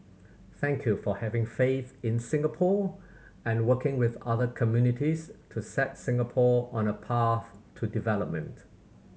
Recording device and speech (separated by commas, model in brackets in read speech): mobile phone (Samsung C7100), read sentence